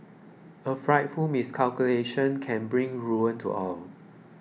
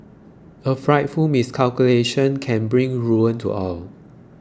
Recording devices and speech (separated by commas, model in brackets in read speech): mobile phone (iPhone 6), close-talking microphone (WH20), read sentence